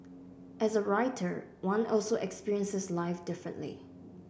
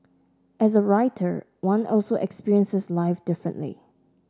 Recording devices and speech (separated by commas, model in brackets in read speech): boundary microphone (BM630), standing microphone (AKG C214), read sentence